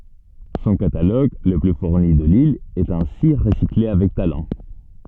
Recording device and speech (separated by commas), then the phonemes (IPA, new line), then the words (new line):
soft in-ear microphone, read sentence
sɔ̃ kataloɡ lə ply fuʁni də lil ɛt ɛ̃si ʁəsikle avɛk talɑ̃
Son catalogue, le plus fourni de l’île, est ainsi recyclé avec talent.